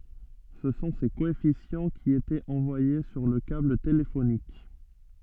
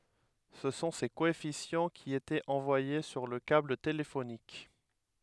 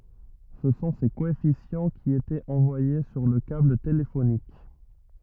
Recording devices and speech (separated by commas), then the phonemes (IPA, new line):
soft in-ear microphone, headset microphone, rigid in-ear microphone, read sentence
sə sɔ̃ se koɛfisjɑ̃ ki etɛt ɑ̃vwaje syʁ lə kabl telefonik